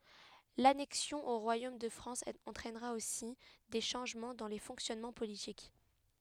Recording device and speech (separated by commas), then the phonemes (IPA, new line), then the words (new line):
headset microphone, read sentence
lanɛksjɔ̃ o ʁwajom də fʁɑ̃s ɑ̃tʁɛnʁa osi de ʃɑ̃ʒmɑ̃ dɑ̃ le fɔ̃ksjɔnmɑ̃ politik
L’annexion au royaume de France entraînera aussi des changements dans les fonctionnements politiques.